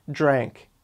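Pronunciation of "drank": In 'drank', the d and r at the start turn into a j sound.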